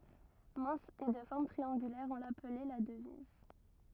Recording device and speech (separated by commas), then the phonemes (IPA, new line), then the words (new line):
rigid in-ear microphone, read sentence
mɛ̃s e də fɔʁm tʁiɑ̃ɡylɛʁ ɔ̃ laplɛ la dəviz
Mince et de forme triangulaire, on l'appelait la Devise.